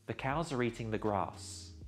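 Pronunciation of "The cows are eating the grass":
'The cows are eating the grass' is said a little slowly and deliberately, not at a normal native-speaker pace.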